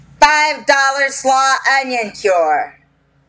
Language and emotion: English, angry